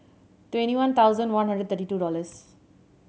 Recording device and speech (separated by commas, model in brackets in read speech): mobile phone (Samsung C7100), read sentence